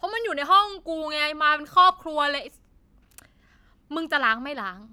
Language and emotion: Thai, angry